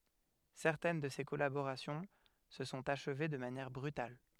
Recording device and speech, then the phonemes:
headset microphone, read sentence
sɛʁtɛn də se kɔlaboʁasjɔ̃ sə sɔ̃t aʃve də manjɛʁ bʁytal

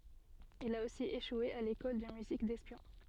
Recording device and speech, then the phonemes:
soft in-ear microphone, read sentence
il a osi eʃwe a lekɔl də myzik dɛspjɔ̃

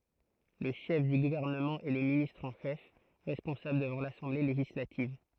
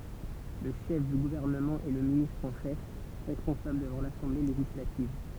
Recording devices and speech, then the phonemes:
throat microphone, temple vibration pickup, read sentence
lə ʃɛf dy ɡuvɛʁnəmɑ̃ ɛ lə ministʁ ɑ̃ ʃɛf ʁɛspɔ̃sabl dəvɑ̃ lasɑ̃ble leʒislativ

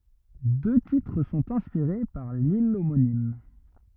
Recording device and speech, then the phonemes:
rigid in-ear microphone, read sentence
dø titʁ sɔ̃t ɛ̃spiʁe paʁ lil omonim

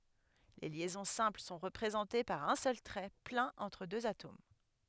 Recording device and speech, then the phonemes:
headset microphone, read sentence
le ljɛzɔ̃ sɛ̃pl sɔ̃ ʁəpʁezɑ̃te paʁ œ̃ sœl tʁɛ plɛ̃n ɑ̃tʁ døz atom

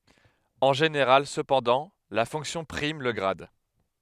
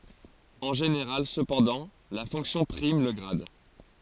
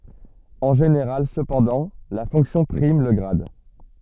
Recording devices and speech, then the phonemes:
headset microphone, forehead accelerometer, soft in-ear microphone, read sentence
ɑ̃ ʒeneʁal səpɑ̃dɑ̃ la fɔ̃ksjɔ̃ pʁim lə ɡʁad

